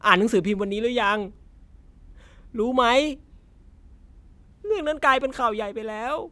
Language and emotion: Thai, sad